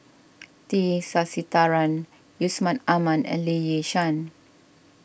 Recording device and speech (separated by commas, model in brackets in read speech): boundary microphone (BM630), read sentence